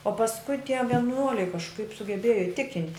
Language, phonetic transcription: Lithuanian, o pasˈkui tie vieˈnuoliai kažˈkaip sugeˈbėjo iˈtikint'

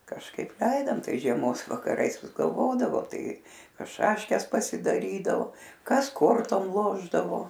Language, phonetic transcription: Lithuanian, kažˈkaip ˈleidom ˈtais žieˈmos vakaˈrais vis galˈvodavo ˈtai ˈkas ˈšaškes pasidaˈrydao ˈkas ˈkortom ˈlošdavo

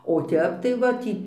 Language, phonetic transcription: Lithuanian, o ˈtep tai ˈva tį

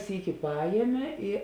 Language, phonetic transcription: Lithuanian, ˈsyki ˈpajiemė i

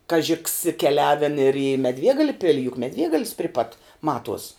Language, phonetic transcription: Lithuanian, ˈkaži ks keˈliaven ir į meˈdviegalia ˈpili juk meˈdviegalis pri pat ˈmatuos

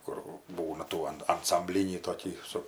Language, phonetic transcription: Lithuanian, ˈkur ˈbūna ˈtų an ansamˈblinį toˈkį su

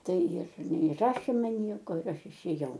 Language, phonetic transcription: Lithuanian, ˈtai jir neiˈrašė ˈman ˈnieko ir ˈaš išėˈjau

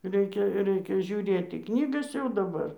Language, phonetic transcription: Lithuanian, ˈreikia ˈreikia žiūˈrėt į ˈknygas jau daˈbar

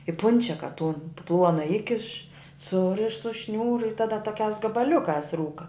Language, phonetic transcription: Lithuanian, i ˈpunčiaka tun ˈpluona ˈikiš ˈsuriš su ˈšniūru i ˈtada toˈkiās gabaˈliukās ˈrūka

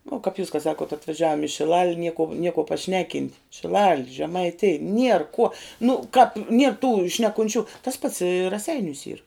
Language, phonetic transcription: Lithuanian, vuo kap jūs ka ˈsakuot atvaˈžiavom i šiˈlal' nie kuo nie kuo paˈšneˌkint' šiˈlal' žemaiˈtij ˈnier ˈkuo nu kap nier tų šnekunˈčių tas pats i raˈseiniūs yr

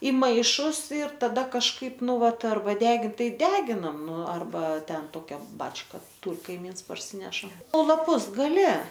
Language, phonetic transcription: Lithuanian, i ˈmaišus ir taˈda kažˈkaip ˈnu ˈvat arˈba ˈdegint ˈtai ˈdeginam ˈnu arˈba ˈten ˈtokia ˈbačka ˈtūr kaiˈmyns parˈsyneša o laˈpus gaˈli

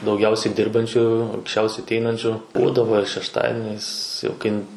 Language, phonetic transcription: Lithuanian, dauˈgiausiai ˈdirbančių anksˈčiausiai atˈeinančiu ˈbūdavo ir šešˈtadiniais jau ˈkai

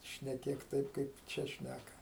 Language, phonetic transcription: Lithuanian, šneˈkėk ˈtaip kaip ˈčia ˈšnæka

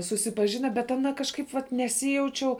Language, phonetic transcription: Lithuanian, susipaˈžina bet aˈna kažˈkaip vat neˈsijaučiau

